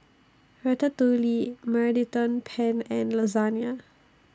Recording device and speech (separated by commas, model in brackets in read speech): standing microphone (AKG C214), read sentence